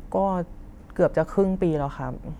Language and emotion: Thai, frustrated